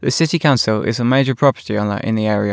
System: none